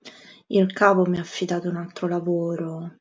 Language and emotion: Italian, sad